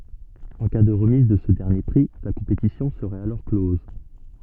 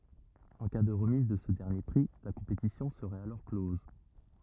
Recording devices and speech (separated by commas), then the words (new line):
soft in-ear microphone, rigid in-ear microphone, read sentence
En cas de remise de ce dernier prix, la compétition serait alors close.